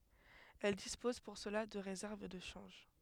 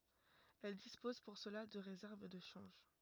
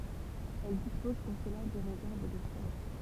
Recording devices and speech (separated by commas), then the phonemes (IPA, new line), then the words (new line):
headset microphone, rigid in-ear microphone, temple vibration pickup, read sentence
ɛl dispoz puʁ səla də ʁezɛʁv də ʃɑ̃ʒ
Elles disposent pour cela de réserves de change.